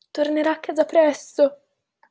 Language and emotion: Italian, fearful